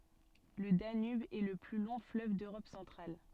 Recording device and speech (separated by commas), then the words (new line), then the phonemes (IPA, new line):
soft in-ear microphone, read sentence
Le Danube est le plus long fleuve d'Europe centrale.
lə danyb ɛ lə ply lɔ̃ fløv døʁɔp sɑ̃tʁal